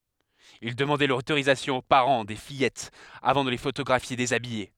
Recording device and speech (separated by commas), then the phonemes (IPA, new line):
headset microphone, read sentence
il dəmɑ̃dɛ lotoʁizasjɔ̃ o paʁɑ̃ de fijɛtz avɑ̃ də le fotoɡʁafje dezabije